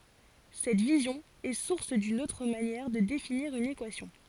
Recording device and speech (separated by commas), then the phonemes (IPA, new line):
forehead accelerometer, read sentence
sɛt vizjɔ̃ ɛ suʁs dyn otʁ manjɛʁ də definiʁ yn ekwasjɔ̃